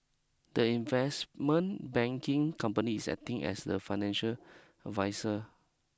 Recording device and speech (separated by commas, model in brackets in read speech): close-talking microphone (WH20), read sentence